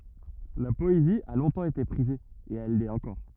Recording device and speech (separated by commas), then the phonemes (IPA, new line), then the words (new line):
rigid in-ear microphone, read sentence
la pɔezi a lɔ̃tɑ̃ ete pʁize e ɛl lɛt ɑ̃kɔʁ
La poésie a longtemps été prisée, et elle l'est encore.